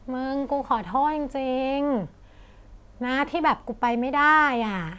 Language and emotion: Thai, frustrated